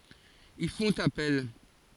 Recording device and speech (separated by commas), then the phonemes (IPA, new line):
forehead accelerometer, read sentence
il fɔ̃t apɛl